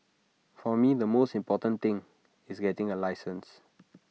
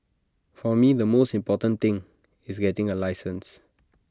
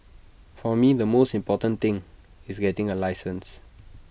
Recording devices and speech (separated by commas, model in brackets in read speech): mobile phone (iPhone 6), standing microphone (AKG C214), boundary microphone (BM630), read sentence